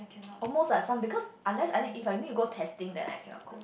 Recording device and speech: boundary microphone, conversation in the same room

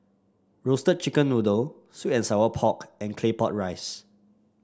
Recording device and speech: standing microphone (AKG C214), read sentence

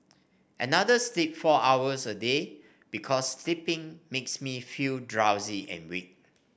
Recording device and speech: boundary microphone (BM630), read sentence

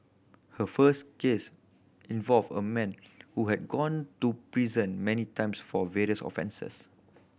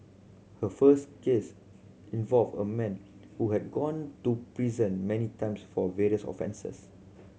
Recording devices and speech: boundary microphone (BM630), mobile phone (Samsung C7100), read sentence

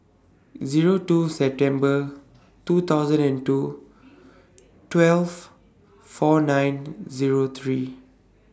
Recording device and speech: standing microphone (AKG C214), read sentence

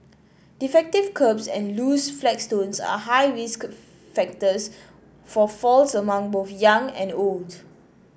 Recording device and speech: boundary microphone (BM630), read sentence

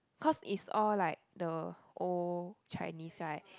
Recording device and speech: close-talking microphone, conversation in the same room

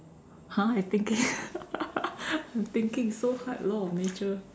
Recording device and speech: standing microphone, conversation in separate rooms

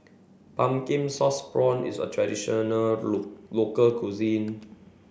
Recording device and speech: boundary microphone (BM630), read sentence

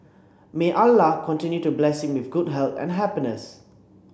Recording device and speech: boundary microphone (BM630), read sentence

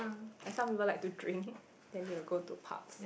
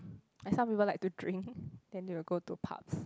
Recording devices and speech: boundary microphone, close-talking microphone, conversation in the same room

